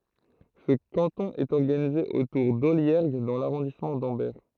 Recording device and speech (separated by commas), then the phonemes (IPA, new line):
throat microphone, read sentence
sə kɑ̃tɔ̃ ɛt ɔʁɡanize otuʁ dɔljɛʁɡ dɑ̃ laʁɔ̃dismɑ̃ dɑ̃bɛʁ